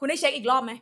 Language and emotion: Thai, angry